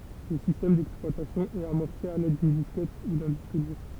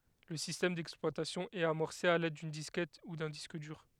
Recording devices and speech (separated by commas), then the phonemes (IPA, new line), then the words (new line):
temple vibration pickup, headset microphone, read sentence
lə sistɛm dɛksplwatasjɔ̃ ɛt amɔʁse a lɛd dyn diskɛt u dœ̃ disk dyʁ
Le système d'exploitation est amorcé à l'aide d'une disquette ou d'un disque dur.